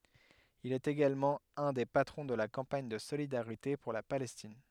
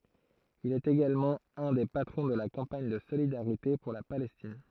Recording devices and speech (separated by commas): headset microphone, throat microphone, read sentence